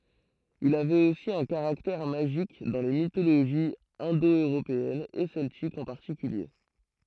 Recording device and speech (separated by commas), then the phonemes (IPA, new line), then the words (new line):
throat microphone, read sentence
il avɛt osi œ̃ kaʁaktɛʁ maʒik dɑ̃ le mitoloʒiz ɛ̃do øʁopeɛnz e sɛltikz ɑ̃ paʁtikylje
Il avait aussi un caractère magique dans les mythologies indo-européennes et celtiques en particulier.